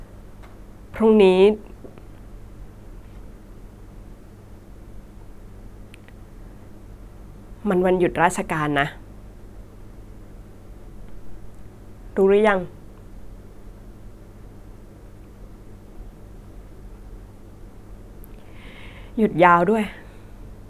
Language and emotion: Thai, sad